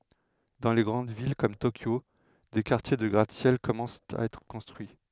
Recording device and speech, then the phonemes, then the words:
headset microphone, read sentence
dɑ̃ le ɡʁɑ̃d vil kɔm tokjo de kaʁtje də ɡʁat sjɛl kɔmɑ̃st a ɛtʁ kɔ̃stʁyi
Dans les grandes villes comme Tokyo, des quartiers de gratte-ciels commencent à être construits.

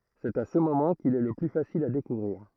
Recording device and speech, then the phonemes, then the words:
throat microphone, read sentence
sɛt a sə momɑ̃ kil ɛ lə ply fasil a dekuvʁiʁ
C'est à ce moment qu'il est le plus facile à découvrir.

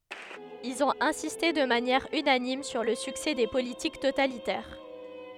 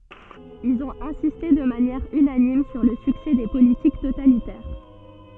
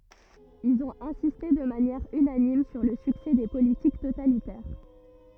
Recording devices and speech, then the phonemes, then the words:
headset microphone, soft in-ear microphone, rigid in-ear microphone, read sentence
ilz ɔ̃t ɛ̃siste də manjɛʁ ynanim syʁ lə syksɛ de politik totalitɛʁ
Ils ont insisté de manière unanime sur le succès des politiques totalitaires.

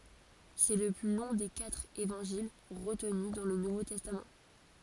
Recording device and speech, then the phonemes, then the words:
forehead accelerometer, read sentence
sɛ lə ply lɔ̃ de katʁ evɑ̃ʒil ʁətny dɑ̃ lə nuvo tɛstam
C'est le plus long des quatre Évangiles retenus dans le Nouveau Testament.

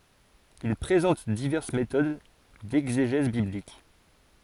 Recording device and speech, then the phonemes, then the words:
forehead accelerometer, read sentence
il pʁezɑ̃t divɛʁs metod dɛɡzeʒɛz biblik
Il présente diverses méthodes d'exégèse biblique.

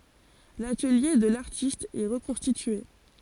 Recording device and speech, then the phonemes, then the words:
forehead accelerometer, read sentence
latəlje də laʁtist ɛ ʁəkɔ̃stitye
L'atelier de l'artiste est reconstitué.

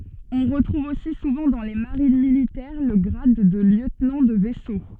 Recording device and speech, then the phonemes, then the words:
soft in-ear microphone, read sentence
ɔ̃ ʁətʁuv osi suvɑ̃ dɑ̃ le maʁin militɛʁ lə ɡʁad də ljøtnɑ̃ də vɛso
On retrouve aussi souvent dans les marines militaires le grade de lieutenant de vaisseau.

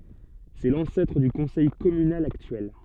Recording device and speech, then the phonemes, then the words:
soft in-ear microphone, read sentence
sɛ lɑ̃sɛtʁ dy kɔ̃sɛj kɔmynal aktyɛl
C'est l'ancêtre du conseil communal actuel.

